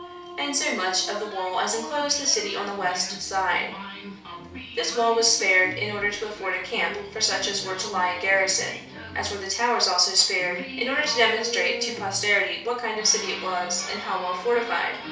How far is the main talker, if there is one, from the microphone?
3.0 m.